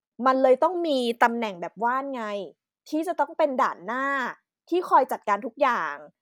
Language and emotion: Thai, frustrated